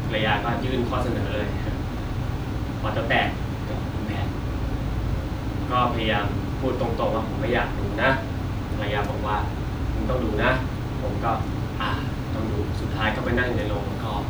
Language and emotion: Thai, frustrated